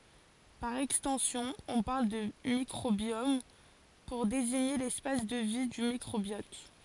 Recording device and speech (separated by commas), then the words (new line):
forehead accelerometer, read sentence
Par extension, on parle de microbiome, pour désigner l'espace de vie du microbiote.